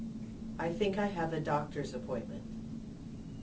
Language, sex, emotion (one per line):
English
female
neutral